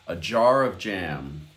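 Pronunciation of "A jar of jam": In 'a jar of jam', the 'of' is swallowed a bit, and the f of 'of' and the j of 'jam' blend into one sound.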